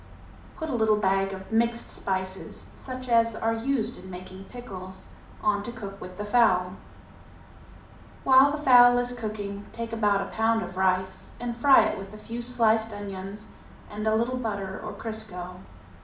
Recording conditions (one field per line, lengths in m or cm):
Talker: one person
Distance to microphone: 2.0 m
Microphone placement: close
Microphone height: 99 cm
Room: medium-sized (5.7 m by 4.0 m)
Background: none